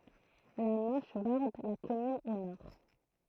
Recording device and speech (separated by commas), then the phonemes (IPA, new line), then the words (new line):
throat microphone, read sentence
la mɑ̃ʃ bɔʁd la kɔmyn o nɔʁ
La Manche borde la commune au nord.